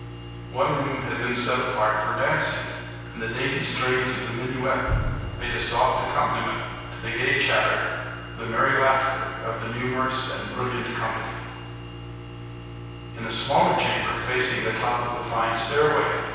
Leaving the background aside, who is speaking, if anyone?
One person.